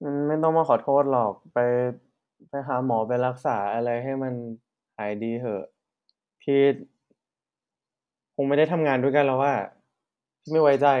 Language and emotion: Thai, neutral